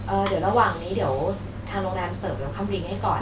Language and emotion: Thai, neutral